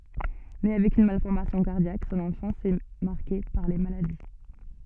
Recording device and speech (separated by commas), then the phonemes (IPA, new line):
soft in-ear microphone, read sentence
ne avɛk yn malfɔʁmasjɔ̃ kaʁdjak sɔ̃n ɑ̃fɑ̃s ɛ maʁke paʁ le maladi